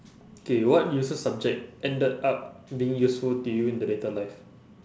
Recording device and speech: standing microphone, conversation in separate rooms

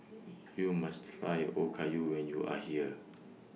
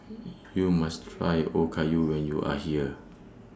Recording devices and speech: mobile phone (iPhone 6), standing microphone (AKG C214), read sentence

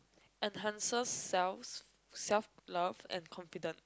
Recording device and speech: close-talking microphone, conversation in the same room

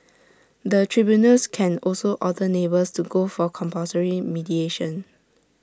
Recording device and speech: standing microphone (AKG C214), read sentence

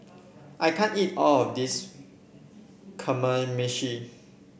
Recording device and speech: boundary microphone (BM630), read sentence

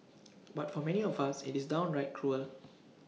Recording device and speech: mobile phone (iPhone 6), read sentence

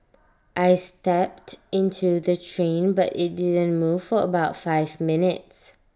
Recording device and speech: standing microphone (AKG C214), read sentence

